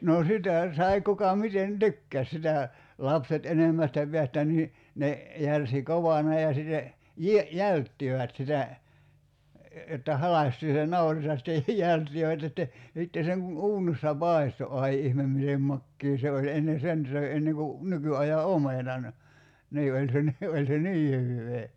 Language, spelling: Finnish, no sitä sai kuka miten tykkäsi sitä lapset enimmästä päästä niin ne järsi kovana ja sitten - jälttivät sitä että halkaistiin se nauris ja sitten jälttivät ja sitten ja sitten sen kun uunissa paistoi ai ihme miten makea se oli ennen sen söi ennen kuin nykyajan omenan niin oli se niin oli se niin hyvää
- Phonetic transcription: noo "sitä , 'sai kuka 'miten "tykkäs sitä , 'lapset 'enemmästä peästä nii , 'ne , 'järsi "kovana ja sitte , "jie- , "jälttivät sitä , että 'halastii se "nauris ja sⁱtte , 'jälttivät (ja sitte) , ja sitte 'seŋ kun "uunissa "pài̬sto 'ai 'ihmem mitem 'makkii se oĺ 'enne "sen söi enneŋ ku , 'nyky₍aja "omenan , 'nii oĺ se ni , 'oĺ se "nii 'hyvvee .

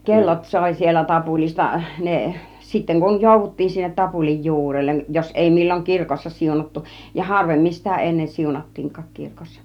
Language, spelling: Finnish, kellot soi siellä tapulista ne sitten kun jouduttiin sinne tapulin juurelle jos ei milloin kirkossa siunattu ja harvemmin sitä ennen siunattiinkaan kirkossa
- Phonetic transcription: 'kellot 'sòi siellä 'tapuli(sta) , 'ne sitteŋ kun , "jòuvut̀tiin sinnet 'tapulij "ju̬urelleˀ , jos 'èi 'mil͕l͕oŋ "kirkossa "siunattu , ja "harvemmin sitä 'ennen "siunat̀tiiŋk̆kaak 'kirkossa .

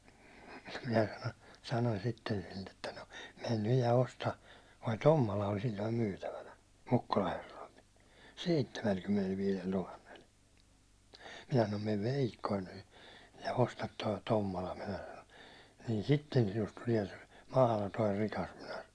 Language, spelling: Finnish, minä - sanoin sitten sille että no mene nyt ja osta tuo Tommola ol silloin myytävänä Mukkula herroilla seitsemänkymmenellä tuhannella minä sanon mene veikkonen nyt ja osta tuo Tommola minä sanoi niin sitten sinusta tulee se mahdoton rikas minä sanoin
- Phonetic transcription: minä sano- , 'sanoń 'sitten sille ‿tta » no , 'men nyj ja 'osta « , toi 'Tommola oĺ si1loim 'myytävänä , 'Mukkula herrᴏɪʟ , "seittemälkymmenel'viilel 'tuhannel , minä sanom » mev "vèikkoin nyy , ja 'ostat toi 'Tommola « minä sano , » niin 'sitten sinust tuliɛ sᴇ , "mahla'toir 'rikas « minä (sano) .

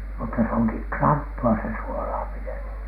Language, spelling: Finnish, mutta se onkin kranttua se suolaaminen
- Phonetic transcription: mutta se oŋki "kranttu₍a se 'suolaamineN .

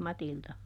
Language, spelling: Finnish, Matilda
- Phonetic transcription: "Matilta .

